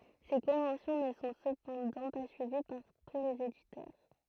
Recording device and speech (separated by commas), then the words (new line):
throat microphone, read sentence
Ces conventions ne sont cependant pas suivies par tous les éditeurs.